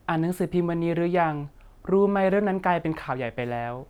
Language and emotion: Thai, neutral